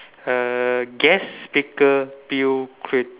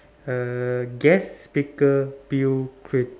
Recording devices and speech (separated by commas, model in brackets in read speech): telephone, standing microphone, conversation in separate rooms